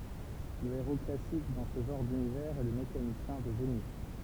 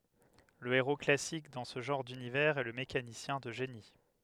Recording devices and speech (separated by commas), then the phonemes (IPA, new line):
temple vibration pickup, headset microphone, read sentence
lə eʁo klasik dɑ̃ sə ʒɑ̃ʁ dynivɛʁz ɛ lə mekanisjɛ̃ də ʒeni